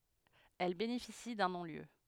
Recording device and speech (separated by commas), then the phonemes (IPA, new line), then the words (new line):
headset microphone, read sentence
ɛl benefisi dœ̃ nɔ̃ljø
Elle bénéficie d'un non-lieu.